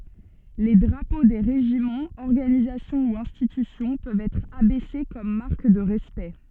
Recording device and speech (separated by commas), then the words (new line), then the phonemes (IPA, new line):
soft in-ear microphone, read sentence
Les drapeaux des régiments, organisations ou institutions peuvent être abaissés comme marque de respect.
le dʁapo de ʁeʒimɑ̃z ɔʁɡanizasjɔ̃ u ɛ̃stitysjɔ̃ pøvt ɛtʁ abɛse kɔm maʁk də ʁɛspɛkt